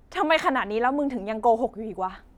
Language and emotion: Thai, angry